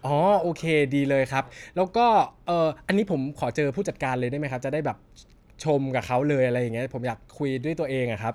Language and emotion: Thai, happy